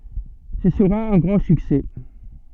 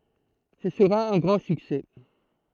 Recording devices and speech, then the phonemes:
soft in-ear microphone, throat microphone, read sentence
sə səʁa œ̃ ɡʁɑ̃ syksɛ

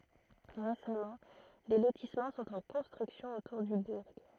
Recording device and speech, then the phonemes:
throat microphone, read sentence
ʁesamɑ̃ de lotismɑ̃ sɔ̃t ɑ̃ kɔ̃stʁyksjɔ̃ otuʁ dy buʁ

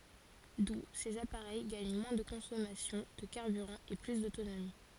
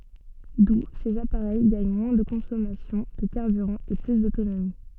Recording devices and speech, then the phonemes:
forehead accelerometer, soft in-ear microphone, read sentence
du sez apaʁɛj ɡaɲ mwɛ̃ də kɔ̃sɔmasjɔ̃ də kaʁbyʁɑ̃ e ply dotonomi

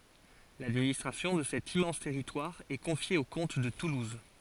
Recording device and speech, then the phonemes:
forehead accelerometer, read sentence
ladministʁasjɔ̃ də sɛt immɑ̃s tɛʁitwaʁ ɛ kɔ̃fje o kɔ̃t də tuluz

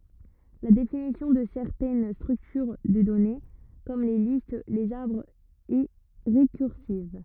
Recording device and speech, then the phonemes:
rigid in-ear microphone, read sentence
la definisjɔ̃ də sɛʁtɛn stʁyktyʁ də dɔne kɔm le list lez aʁbʁz ɛ ʁekyʁsiv

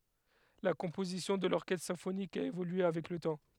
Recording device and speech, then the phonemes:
headset microphone, read sentence
la kɔ̃pozisjɔ̃ də lɔʁkɛstʁ sɛ̃fonik a evolye avɛk lə tɑ̃

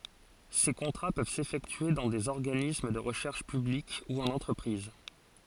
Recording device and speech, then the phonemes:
forehead accelerometer, read sentence
se kɔ̃tʁa pøv sefɛktye dɑ̃ dez ɔʁɡanism də ʁəʃɛʁʃ pyblik u ɑ̃n ɑ̃tʁəpʁiz

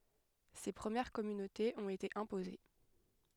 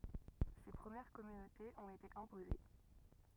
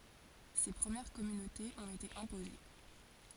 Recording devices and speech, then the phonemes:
headset microphone, rigid in-ear microphone, forehead accelerometer, read sentence
se pʁəmjɛʁ kɔmynotez ɔ̃t ete ɛ̃poze

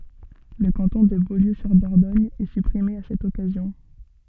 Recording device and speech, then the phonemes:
soft in-ear microphone, read sentence
lə kɑ̃tɔ̃ də boljøzyʁdɔʁdɔɲ ɛ sypʁime a sɛt ɔkazjɔ̃

